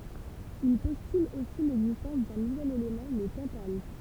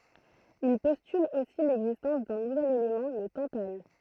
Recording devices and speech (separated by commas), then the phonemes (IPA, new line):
temple vibration pickup, throat microphone, read sentence
il pɔstyl osi lɛɡzistɑ̃s dœ̃ nuvɛl elemɑ̃ lə tɑ̃tal